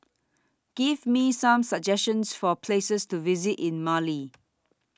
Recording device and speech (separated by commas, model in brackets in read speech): standing microphone (AKG C214), read sentence